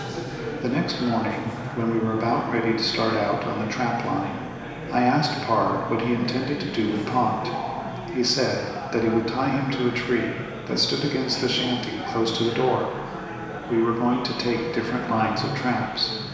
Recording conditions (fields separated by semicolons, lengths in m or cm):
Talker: one person; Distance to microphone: 1.7 m; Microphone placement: close; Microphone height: 1.0 m; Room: very reverberant, large; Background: babble